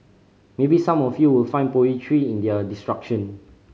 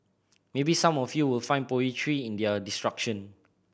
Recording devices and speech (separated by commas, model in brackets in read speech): mobile phone (Samsung C5010), boundary microphone (BM630), read sentence